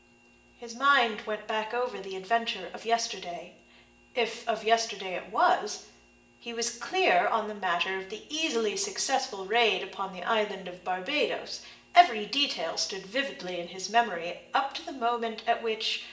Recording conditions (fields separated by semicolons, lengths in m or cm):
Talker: one person; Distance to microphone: 1.8 m; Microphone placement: close; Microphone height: 1.0 m; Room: large; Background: none